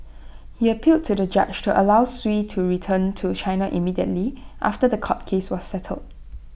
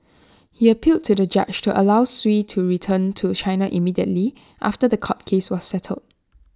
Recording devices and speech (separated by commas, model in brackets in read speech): boundary microphone (BM630), standing microphone (AKG C214), read sentence